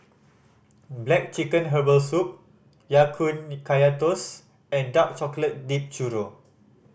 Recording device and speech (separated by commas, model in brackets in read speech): boundary microphone (BM630), read sentence